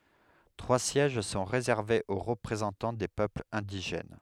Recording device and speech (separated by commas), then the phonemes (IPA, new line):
headset microphone, read sentence
tʁwa sjɛʒ sɔ̃ ʁezɛʁvez o ʁəpʁezɑ̃tɑ̃ de pøplz ɛ̃diʒɛn